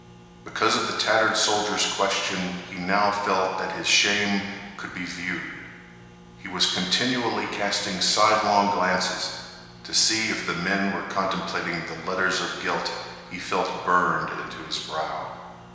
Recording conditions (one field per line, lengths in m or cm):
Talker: one person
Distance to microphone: 1.7 m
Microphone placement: close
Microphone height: 1.0 m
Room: very reverberant, large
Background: none